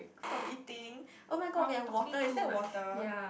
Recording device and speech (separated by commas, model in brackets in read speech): boundary microphone, conversation in the same room